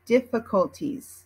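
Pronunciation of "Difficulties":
'Difficulties' is pronounced in American English.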